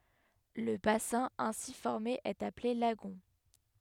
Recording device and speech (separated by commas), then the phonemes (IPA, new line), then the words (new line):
headset microphone, read sentence
lə basɛ̃ ɛ̃si fɔʁme ɛt aple laɡɔ̃
Le bassin ainsi formé est appelé lagon.